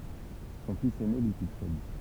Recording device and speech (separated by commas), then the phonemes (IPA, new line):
temple vibration pickup, read sentence
sɔ̃ fis ɛne lyi syksɛd